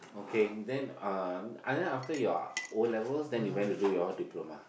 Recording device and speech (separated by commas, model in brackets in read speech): boundary microphone, conversation in the same room